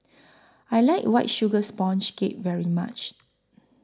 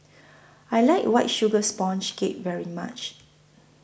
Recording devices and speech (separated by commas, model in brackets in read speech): close-talking microphone (WH20), boundary microphone (BM630), read sentence